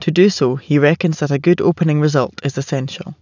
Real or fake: real